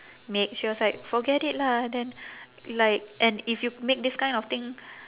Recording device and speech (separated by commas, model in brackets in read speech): telephone, conversation in separate rooms